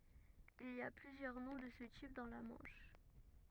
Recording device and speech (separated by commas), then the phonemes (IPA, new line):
rigid in-ear microphone, read sentence
il i a plyzjœʁ nɔ̃ də sə tip dɑ̃ la mɑ̃ʃ